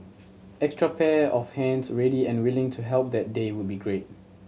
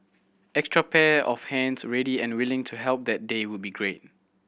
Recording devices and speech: mobile phone (Samsung C7100), boundary microphone (BM630), read sentence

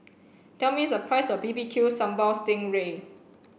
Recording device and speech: boundary microphone (BM630), read sentence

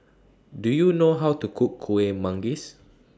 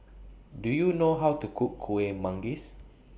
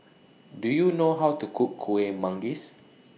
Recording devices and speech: standing microphone (AKG C214), boundary microphone (BM630), mobile phone (iPhone 6), read sentence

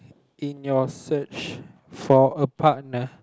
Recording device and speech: close-talking microphone, conversation in the same room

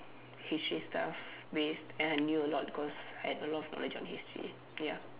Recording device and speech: telephone, conversation in separate rooms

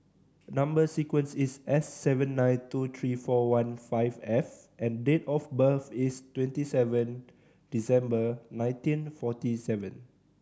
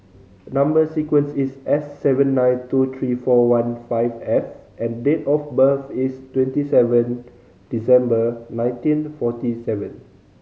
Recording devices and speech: standing microphone (AKG C214), mobile phone (Samsung C5010), read sentence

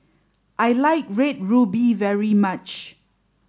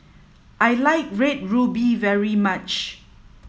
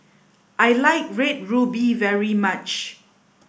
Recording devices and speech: standing microphone (AKG C214), mobile phone (iPhone 7), boundary microphone (BM630), read sentence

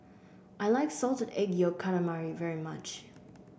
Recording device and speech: boundary microphone (BM630), read sentence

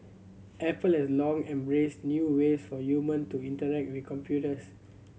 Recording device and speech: mobile phone (Samsung C7100), read sentence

